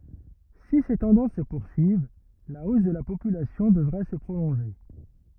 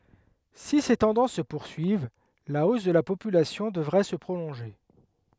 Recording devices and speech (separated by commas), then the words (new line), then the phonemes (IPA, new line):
rigid in-ear microphone, headset microphone, read sentence
Si ces tendances se poursuivent, la hausse de la population devrait se prolonger.
si se tɑ̃dɑ̃s sə puʁsyiv la os də la popylasjɔ̃ dəvʁɛ sə pʁolɔ̃ʒe